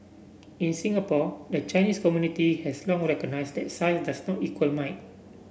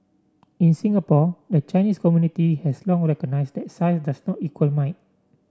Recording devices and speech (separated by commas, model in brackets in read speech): boundary microphone (BM630), standing microphone (AKG C214), read sentence